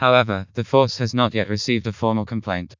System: TTS, vocoder